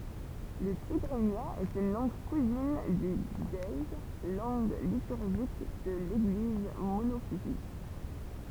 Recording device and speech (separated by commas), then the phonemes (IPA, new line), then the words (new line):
temple vibration pickup, read sentence
lə tiɡʁinja ɛt yn lɑ̃ɡ kuzin dy ʒəe lɑ̃ɡ lityʁʒik də leɡliz monofizit
Le tigrinya est une langue cousine du ge'ez, langue liturgique de l'Église monophysite.